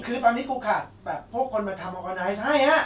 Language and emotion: Thai, frustrated